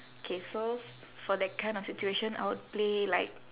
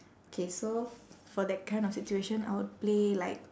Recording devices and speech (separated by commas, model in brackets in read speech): telephone, standing microphone, conversation in separate rooms